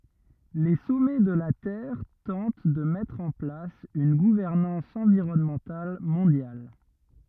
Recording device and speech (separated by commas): rigid in-ear microphone, read sentence